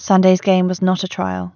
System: none